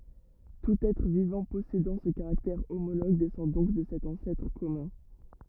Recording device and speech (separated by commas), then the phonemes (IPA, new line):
rigid in-ear microphone, read sentence
tut ɛtʁ vivɑ̃ pɔsedɑ̃ sə kaʁaktɛʁ omoloɡ dɛsɑ̃ dɔ̃k də sɛt ɑ̃sɛtʁ kɔmœ̃